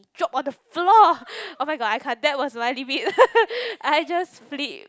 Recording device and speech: close-talking microphone, conversation in the same room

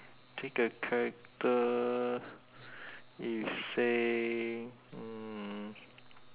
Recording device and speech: telephone, conversation in separate rooms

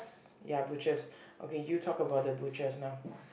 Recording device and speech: boundary microphone, conversation in the same room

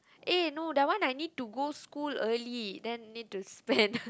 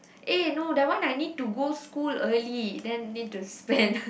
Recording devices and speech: close-talking microphone, boundary microphone, conversation in the same room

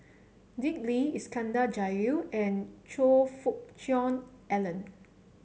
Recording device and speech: mobile phone (Samsung C7), read sentence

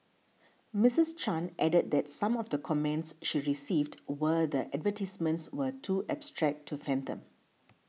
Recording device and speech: mobile phone (iPhone 6), read sentence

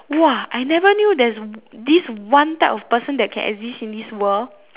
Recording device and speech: telephone, conversation in separate rooms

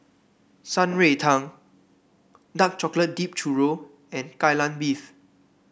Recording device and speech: boundary microphone (BM630), read sentence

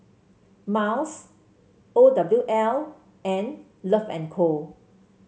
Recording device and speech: mobile phone (Samsung C7), read sentence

